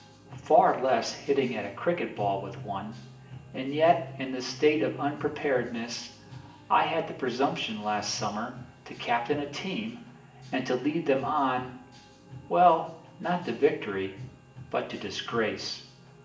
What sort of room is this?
A sizeable room.